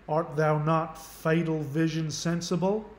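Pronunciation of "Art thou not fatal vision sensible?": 'Art thou not fatal vision sensible?' is spoken in a Southern accent.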